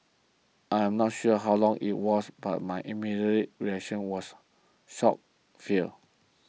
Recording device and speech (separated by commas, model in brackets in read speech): mobile phone (iPhone 6), read sentence